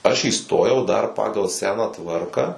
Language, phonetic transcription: Lithuanian, ˈaš įˈstojau dar ˈpagal ˈseną ˈtvarką

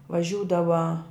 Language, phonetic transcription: Lithuanian, vaˈžiūdava

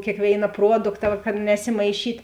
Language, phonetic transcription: Lithuanian, kėkˈvėina ˈpruodukta va kad nesimaiˈšyt'

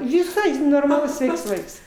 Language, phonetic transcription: Lithuanian, viˈsai normaˈlus ˈsveiks ˈvaiks

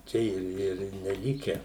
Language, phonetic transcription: Lithuanian, ˈčia ir ir neˈlike

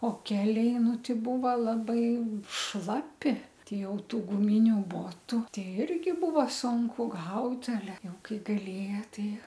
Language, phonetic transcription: Lithuanian, o ˈkeliai ˈnu ˈtei ˈbūva ˈlabai ˈšlapi ˈtei ˈjau ˈtų guˈminiu ˈbotu ˈtei ˈirgi ˈbūva ˈsunku ˈgaut aˈle ˈjau ˈkai galėja ˈtei

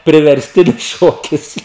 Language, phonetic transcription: Lithuanian, priversˈtinis ˈšokis

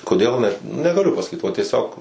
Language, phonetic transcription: Lithuanian, koˈdėl net negaˈliu pasaˈkyt va tieˈsiog

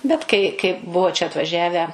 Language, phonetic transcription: Lithuanian, ˈbet kai kai ˈbuvo čia atvaˈžiavę

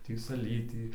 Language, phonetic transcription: Lithuanian, ˈtį saˈlytį

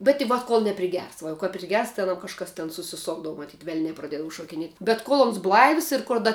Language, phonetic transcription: Lithuanian, bet i ˈvat kol nepriˈgers ˈva jau kap priˈgers tai aˈnam kažˈkas ten susiˈsokdavu maˈtyt ˈvelnia praˈdiedavu šokiˈniet' bet ˈkol ˈons ˈblaivs ir kor ˈda

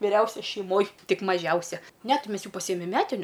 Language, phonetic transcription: Lithuanian, viˈriausia šeiˈmoj ˈtik maˈžiausia ˈne ˈti ˈmes ˈjų paˈsyjemem ˈmetiniu

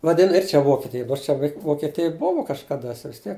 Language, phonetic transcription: Lithuanian, vaˈdin ir ˈčia ˈvokitij ˈnors čia vei vokeˈtij ˈbuvu kažkaˈda sia vis ˈtiek

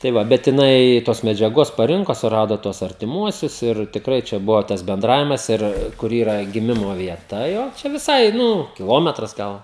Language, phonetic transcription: Lithuanian, tai ˈva bet jiˈnai tos medžiaˈgos paˈrinko suˈrado tuos artiˈmuosius ir tikˈrai čia ˈbuvo tas benˈdravimas ˈir kur ˈyra giˈmimo vieˈta jau ˈčia viˈsai ˈnu kiˈlometras ˈgal

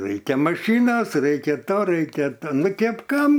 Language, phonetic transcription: Lithuanian, ˈraikia maˈšynos ˈraikia ˈto ˈraikia to ˈnu ˈkėp ˈkam

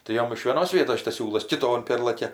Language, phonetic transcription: Lithuanian, tai ˈjom iš vieˈnos ˈvietos ˈšitas ˈsiūlas kiˈton ˈpėrlakia

